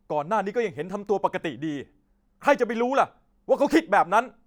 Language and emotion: Thai, angry